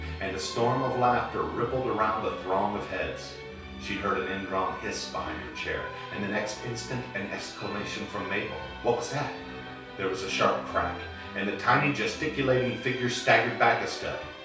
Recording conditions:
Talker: one person; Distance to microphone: 3.0 m; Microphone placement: far; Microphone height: 1.8 m; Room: small (3.7 m by 2.7 m); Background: music

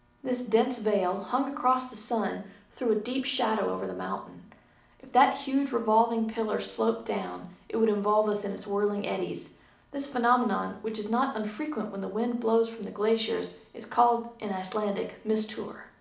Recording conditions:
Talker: one person; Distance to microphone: 2.0 m; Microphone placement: close; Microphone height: 99 cm; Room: medium-sized (5.7 m by 4.0 m); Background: none

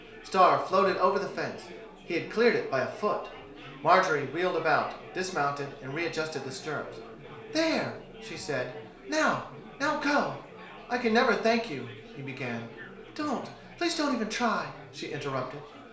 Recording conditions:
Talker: one person; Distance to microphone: 1.0 m; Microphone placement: close; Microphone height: 1.1 m; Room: small (3.7 m by 2.7 m); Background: babble

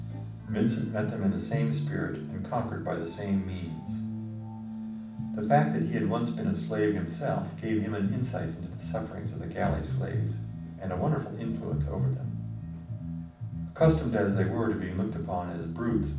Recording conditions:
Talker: one person; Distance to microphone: 5.8 m; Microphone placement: far; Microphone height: 1.8 m; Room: medium-sized (5.7 m by 4.0 m); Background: music

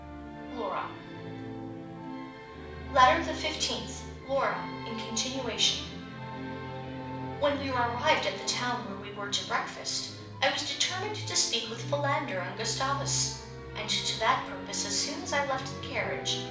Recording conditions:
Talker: one person; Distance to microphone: 5.8 m; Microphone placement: far; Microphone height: 1.8 m; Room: medium-sized (5.7 m by 4.0 m); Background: music

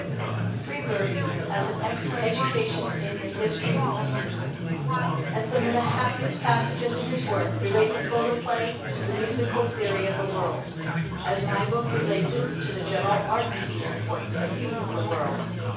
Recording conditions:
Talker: one person; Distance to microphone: 9.8 m; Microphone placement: far; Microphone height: 1.8 m; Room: large; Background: babble

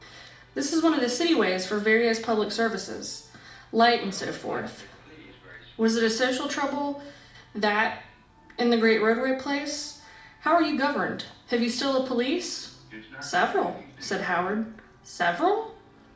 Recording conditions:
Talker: one person; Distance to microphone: 2.0 m; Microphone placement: close; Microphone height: 99 cm; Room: medium-sized (5.7 m by 4.0 m); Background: television

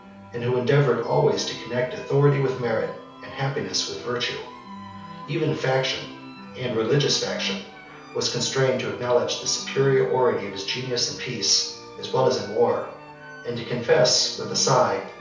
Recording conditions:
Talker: one person; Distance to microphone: 3.0 m; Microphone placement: far; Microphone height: 1.8 m; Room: small (3.7 m by 2.7 m); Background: music

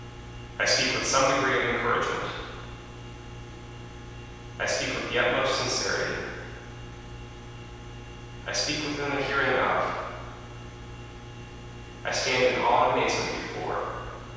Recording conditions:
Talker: one person; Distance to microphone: 7.1 m; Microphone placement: far; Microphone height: 1.7 m; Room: very reverberant, large; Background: none

